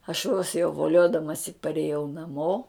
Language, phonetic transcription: Lithuanian, aš vos jau voˈliodamasi parėˈjau naˈmo

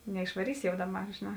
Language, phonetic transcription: Lithuanian, neišvaˈrysi jau ˈdaˌbar žėˈnā

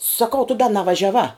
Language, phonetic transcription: Lithuanian, saˈkau tu da navažiaˈvā

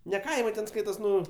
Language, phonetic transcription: Lithuanian, ne ˈkaimai ten ˈskaitos ˈnu

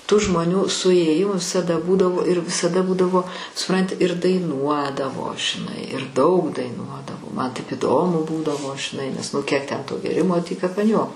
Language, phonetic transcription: Lithuanian, tų žmoˈnių suėˈjimu visaˈda ˈbūdavo ir visaˈda ˈbūdavo suˈpranti ir daiˈnuodavo žiˈnai ir daug daiˈnuodavo ˈman ˈtaip įˈdomu ˈbūdavo žiˈnai nes ˈnu kiek ˈten to gėˈrimo ˈtį kap an ˈjuoko

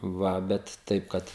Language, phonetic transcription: Lithuanian, ˈva ˈbet ˈtaip kad

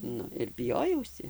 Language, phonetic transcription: Lithuanian, ˈnu ir biˈjojausi

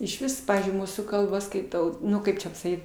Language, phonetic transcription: Lithuanian, išˈvis ˈpavyzdžiui ˈmūsų kalˈba skaiˈtau ˈnu kaip čia pasaˈkyt

